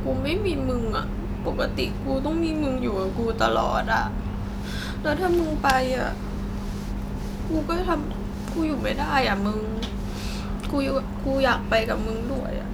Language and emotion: Thai, sad